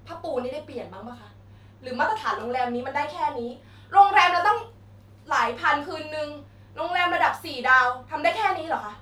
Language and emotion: Thai, angry